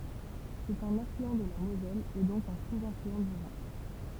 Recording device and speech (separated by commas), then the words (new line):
temple vibration pickup, read sentence
C'est un affluent de la Moselle et donc un sous-affluent du Rhin.